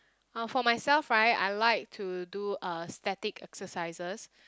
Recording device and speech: close-talking microphone, conversation in the same room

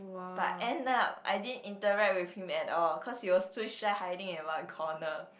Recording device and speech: boundary microphone, conversation in the same room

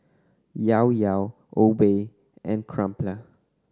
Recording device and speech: standing microphone (AKG C214), read sentence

